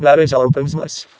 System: VC, vocoder